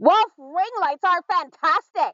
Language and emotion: English, disgusted